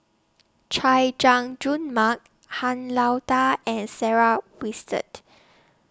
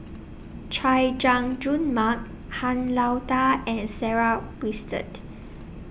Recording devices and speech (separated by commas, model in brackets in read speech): standing microphone (AKG C214), boundary microphone (BM630), read sentence